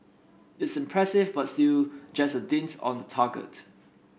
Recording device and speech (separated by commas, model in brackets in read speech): boundary microphone (BM630), read sentence